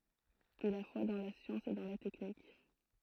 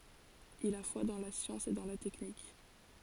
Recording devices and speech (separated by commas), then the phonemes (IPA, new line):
throat microphone, forehead accelerometer, read sentence
il a fwa dɑ̃ la sjɑ̃s e dɑ̃ la tɛknik